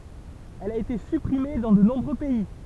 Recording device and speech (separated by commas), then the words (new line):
temple vibration pickup, read sentence
Elle a été supprimée dans de nombreux pays.